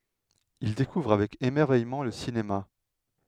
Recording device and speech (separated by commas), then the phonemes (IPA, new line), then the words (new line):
headset microphone, read sentence
il dekuvʁ avɛk emɛʁvɛjmɑ̃ lə sinema
Il découvre avec émerveillement le cinéma.